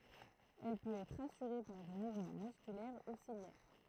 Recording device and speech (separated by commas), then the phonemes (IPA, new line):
throat microphone, read sentence
ɛl pøt ɛtʁ asyʁe paʁ de muvmɑ̃ myskylɛʁ u siljɛʁ